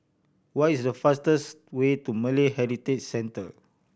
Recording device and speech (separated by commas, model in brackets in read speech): boundary microphone (BM630), read sentence